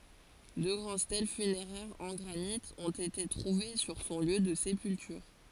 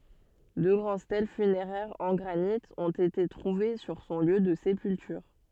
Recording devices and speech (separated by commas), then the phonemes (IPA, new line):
forehead accelerometer, soft in-ear microphone, read sentence
dø ɡʁɑ̃d stɛl fyneʁɛʁz ɑ̃ ɡʁanit ɔ̃t ete tʁuve syʁ sɔ̃ ljø də sepyltyʁ